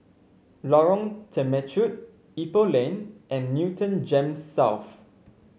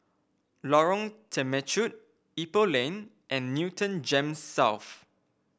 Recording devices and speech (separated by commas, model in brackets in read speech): mobile phone (Samsung C5), boundary microphone (BM630), read sentence